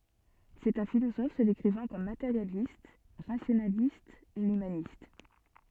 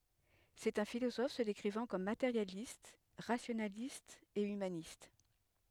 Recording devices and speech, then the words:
soft in-ear microphone, headset microphone, read sentence
C'est un philosophe se décrivant comme matérialiste, rationaliste et humaniste.

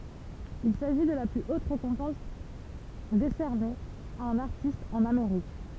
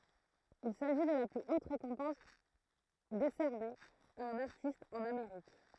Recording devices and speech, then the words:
temple vibration pickup, throat microphone, read sentence
Il s'agit de la plus haute récompense décernée à un artiste en Amérique.

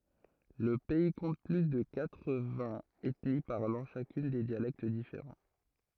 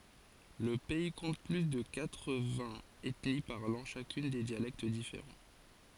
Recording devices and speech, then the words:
throat microphone, forehead accelerometer, read sentence
Le pays compte plus de quatre-vingts ethnies parlant chacune des dialectes différents.

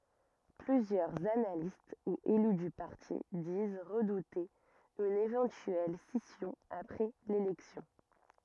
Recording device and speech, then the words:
rigid in-ear microphone, read sentence
Plusieurs analystes ou élus du parti disent redouter une éventuelle scission après l'élection.

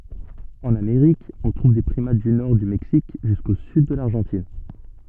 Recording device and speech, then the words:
soft in-ear microphone, read sentence
En Amérique, on trouve des primates du nord du Mexique jusqu'au sud de l'Argentine.

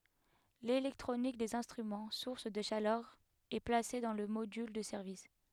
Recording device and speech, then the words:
headset microphone, read sentence
L'électronique des instruments, source de chaleur, est placée dans le module de service.

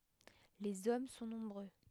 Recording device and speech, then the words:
headset microphone, read sentence
Les hommes sont nombreux.

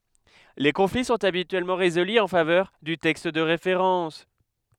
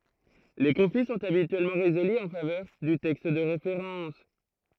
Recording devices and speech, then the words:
headset microphone, throat microphone, read sentence
Les conflits sont habituellement résolus en faveur du texte de référence.

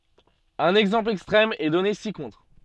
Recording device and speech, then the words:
soft in-ear microphone, read sentence
Un exemple extrême est donné ci-contre.

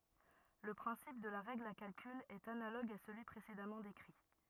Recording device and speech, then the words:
rigid in-ear microphone, read sentence
Le principe de la règle à calcul est analogue à celui précédemment décrit.

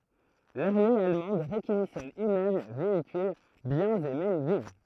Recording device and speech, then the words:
throat microphone, read sentence
L'armée allemande réquisitionne immeubles, véhicules, biens et même vivres.

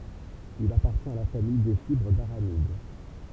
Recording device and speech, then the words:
temple vibration pickup, read sentence
Il appartient à la famille des fibres d'aramides.

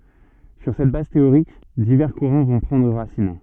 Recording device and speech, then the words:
soft in-ear microphone, read sentence
Sur cette base théorique, divers courants vont prendre racine.

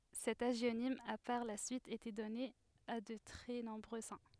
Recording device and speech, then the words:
headset microphone, read sentence
Cet hagionyme a par la suite été donné à de très nombreux saints.

